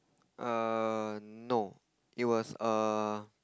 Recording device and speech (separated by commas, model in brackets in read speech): close-talking microphone, conversation in the same room